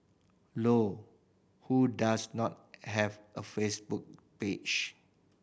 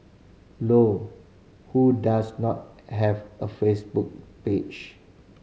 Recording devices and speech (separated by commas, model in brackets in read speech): boundary microphone (BM630), mobile phone (Samsung C5010), read sentence